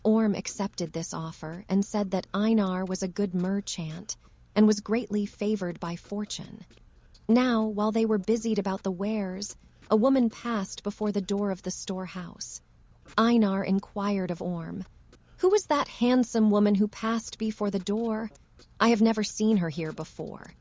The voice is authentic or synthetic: synthetic